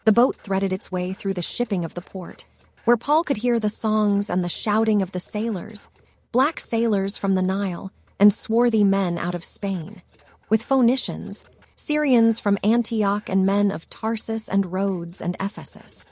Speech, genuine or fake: fake